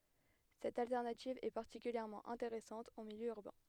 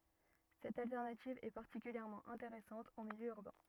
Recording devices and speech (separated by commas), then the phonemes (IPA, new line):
headset microphone, rigid in-ear microphone, read sentence
sɛt altɛʁnativ ɛ paʁtikyljɛʁmɑ̃ ɛ̃teʁɛsɑ̃t ɑ̃ miljø yʁbɛ̃